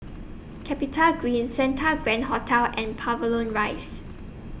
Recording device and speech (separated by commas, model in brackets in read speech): boundary microphone (BM630), read sentence